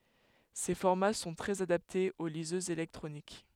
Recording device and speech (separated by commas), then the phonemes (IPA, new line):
headset microphone, read sentence
se fɔʁma sɔ̃ tʁɛz adaptez o lizøzz elɛktʁonik